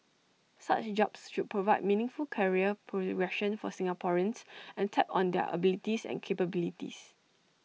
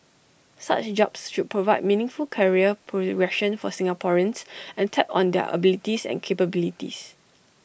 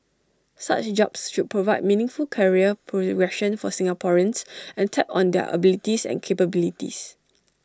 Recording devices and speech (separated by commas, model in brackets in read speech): mobile phone (iPhone 6), boundary microphone (BM630), standing microphone (AKG C214), read sentence